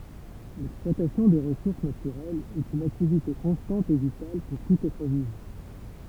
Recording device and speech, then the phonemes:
temple vibration pickup, read sentence
lɛksplwatasjɔ̃ de ʁəsuʁs natyʁɛlz ɛt yn aktivite kɔ̃stɑ̃t e vital puʁ tut ɛtʁ vivɑ̃

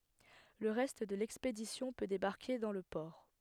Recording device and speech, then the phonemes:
headset microphone, read sentence
lə ʁɛst də lɛkspedisjɔ̃ pø debaʁke dɑ̃ lə pɔʁ

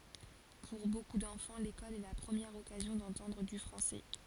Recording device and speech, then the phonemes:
forehead accelerometer, read sentence
puʁ boku dɑ̃fɑ̃ lekɔl ɛ la pʁəmjɛʁ ɔkazjɔ̃ dɑ̃tɑ̃dʁ dy fʁɑ̃sɛ

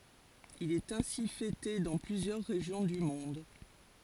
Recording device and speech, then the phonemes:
forehead accelerometer, read sentence
il ɛt ɛ̃si fɛte dɑ̃ plyzjœʁ ʁeʒjɔ̃ dy mɔ̃d

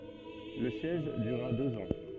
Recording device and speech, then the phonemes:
soft in-ear microphone, read sentence
lə sjɛʒ dyʁa døz ɑ̃

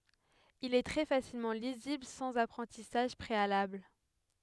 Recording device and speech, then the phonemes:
headset microphone, read sentence
il ɛ tʁɛ fasilmɑ̃ lizibl sɑ̃z apʁɑ̃tisaʒ pʁealabl

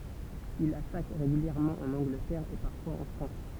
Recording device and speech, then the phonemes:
temple vibration pickup, read sentence
il atak ʁeɡyljɛʁmɑ̃ ɑ̃n ɑ̃ɡlətɛʁ e paʁfwaz ɑ̃ fʁɑ̃s

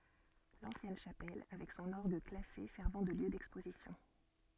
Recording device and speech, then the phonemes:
soft in-ear microphone, read sentence
lɑ̃sjɛn ʃapɛl avɛk sɔ̃n ɔʁɡ klase sɛʁvɑ̃ də ljø dɛkspozisjɔ̃

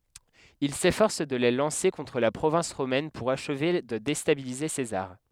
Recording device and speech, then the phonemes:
headset microphone, read sentence
il sefɔʁs də le lɑ̃se kɔ̃tʁ la pʁovɛ̃s ʁomɛn puʁ aʃve də destabilize sezaʁ

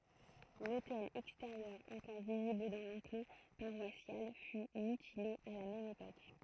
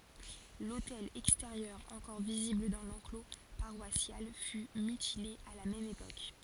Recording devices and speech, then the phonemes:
throat microphone, forehead accelerometer, read sentence
lotɛl ɛksteʁjœʁ ɑ̃kɔʁ vizibl dɑ̃ lɑ̃klo paʁwasjal fy mytile a la mɛm epok

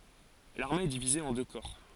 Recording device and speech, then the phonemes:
forehead accelerometer, read sentence
laʁme ɛ divize ɑ̃ dø kɔʁ

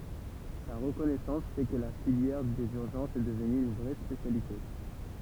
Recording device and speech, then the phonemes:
temple vibration pickup, read sentence
sa ʁəkɔnɛsɑ̃s fɛ kə la filjɛʁ dez yʁʒɑ̃sz ɛ dəvny yn vʁɛ spesjalite

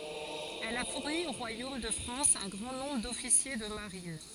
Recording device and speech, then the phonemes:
forehead accelerometer, read sentence
ɛl a fuʁni o ʁwajom də fʁɑ̃s œ̃ ɡʁɑ̃ nɔ̃bʁ dɔfisje də maʁin

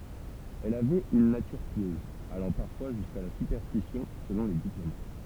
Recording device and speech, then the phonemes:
temple vibration pickup, read sentence
ɛl avɛt yn natyʁ pjøz alɑ̃ paʁfwa ʒyska la sypɛʁstisjɔ̃ səlɔ̃ le diplomat

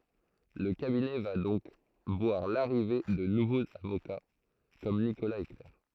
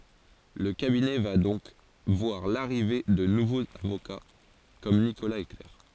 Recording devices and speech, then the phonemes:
throat microphone, forehead accelerometer, read sentence
lə kabinɛ va dɔ̃k vwaʁ laʁive də nuvoz avoka kɔm nikolaz e klɛʁ

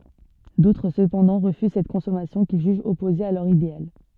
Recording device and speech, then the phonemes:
soft in-ear microphone, read sentence
dotʁ səpɑ̃dɑ̃ ʁəfyz sɛt kɔ̃sɔmasjɔ̃ kil ʒyʒt ɔpoze a lœʁ ideal

